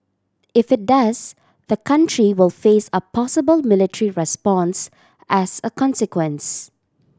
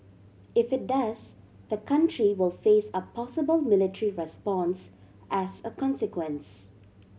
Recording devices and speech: standing microphone (AKG C214), mobile phone (Samsung C7100), read sentence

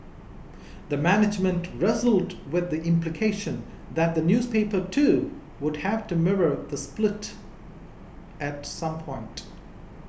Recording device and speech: boundary microphone (BM630), read sentence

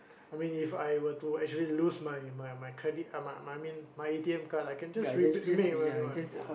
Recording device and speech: boundary microphone, conversation in the same room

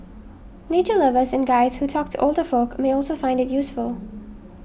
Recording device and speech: boundary microphone (BM630), read sentence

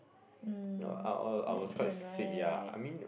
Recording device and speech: boundary microphone, conversation in the same room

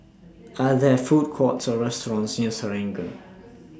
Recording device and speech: standing microphone (AKG C214), read sentence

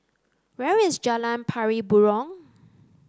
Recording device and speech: close-talking microphone (WH30), read sentence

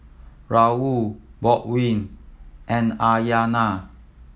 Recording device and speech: mobile phone (iPhone 7), read sentence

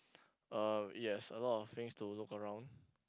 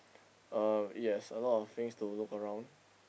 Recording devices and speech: close-talking microphone, boundary microphone, conversation in the same room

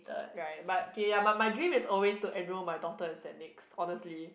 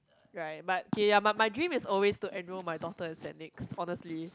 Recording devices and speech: boundary microphone, close-talking microphone, conversation in the same room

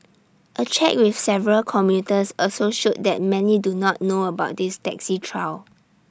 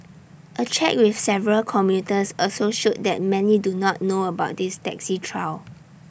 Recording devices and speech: standing microphone (AKG C214), boundary microphone (BM630), read sentence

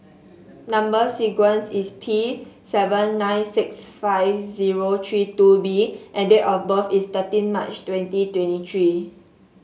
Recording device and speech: mobile phone (Samsung S8), read sentence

